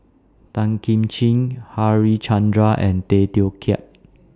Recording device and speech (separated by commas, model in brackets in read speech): standing microphone (AKG C214), read sentence